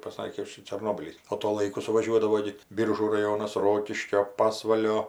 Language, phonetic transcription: Lithuanian, paˈsakė ˈšičia čerˈnobylys o to ˈlaiku suvaˈžiuodavo gi ˈbyržų raˈjonas ˈrokiškio pasvalio

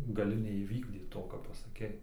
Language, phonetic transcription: Lithuanian, gaˈli neįˈvykdyt ˈto ką pasaˈkei

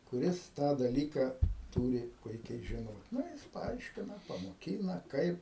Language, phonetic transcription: Lithuanian, kuˈris ˈtą daˈlyka ˈtūri ˈpuikiai žiˈnot ˈna jis paˈaiškina pamoˈkyna ˈkaip

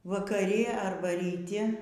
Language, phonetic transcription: Lithuanian, vakaˈri arˈba ryˈti

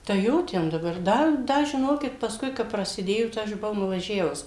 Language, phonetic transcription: Lithuanian, tai ˈjo ˈten daˈbar ˈda ˈda žiˈnokit pasˈkui kap prasiˈdėjo tai ˈaš buˈvau nuvaˈžiavus

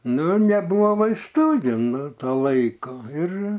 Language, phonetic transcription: Lithuanian, ˈnu neˈbūvo vaisˈtu gi ˈnu ˈtuo ˈlaiku ir

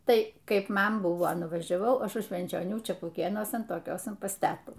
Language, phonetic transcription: Lithuanian, ˈtai ˈkaip ˈman ˈbuvo nuvažiaˈvau ˈaš už švenčioˈnių čepuˈkėnuosan toˈkiosan pas ˈtetų

